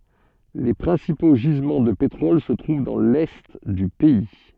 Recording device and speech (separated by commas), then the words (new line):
soft in-ear microphone, read sentence
Les principaux gisements de pétrole se trouvent dans l'Est du pays.